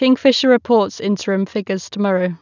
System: none